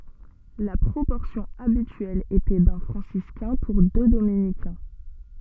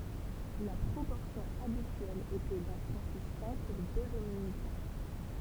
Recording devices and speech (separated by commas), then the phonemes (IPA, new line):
soft in-ear microphone, temple vibration pickup, read sentence
la pʁopɔʁsjɔ̃ abityɛl etɛ dœ̃ fʁɑ̃siskɛ̃ puʁ dø dominikɛ̃